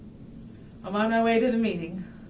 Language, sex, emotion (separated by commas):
English, female, neutral